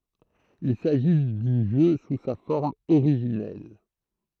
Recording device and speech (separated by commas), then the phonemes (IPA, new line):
throat microphone, read sentence
il saʒi dy ʒø su sa fɔʁm oʁiʒinɛl